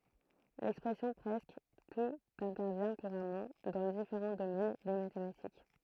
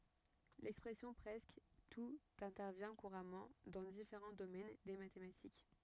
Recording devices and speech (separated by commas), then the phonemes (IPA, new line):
throat microphone, rigid in-ear microphone, read sentence
lɛkspʁɛsjɔ̃ pʁɛskə tut ɛ̃tɛʁvjɛ̃ kuʁamɑ̃ dɑ̃ difeʁɑ̃ domɛn de matematik